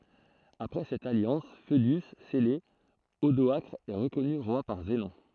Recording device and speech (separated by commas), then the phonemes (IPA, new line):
throat microphone, read sentence
apʁɛ sɛt aljɑ̃s foədy sɛle odɔakʁ ɛ ʁəkɔny ʁwa paʁ zənɔ̃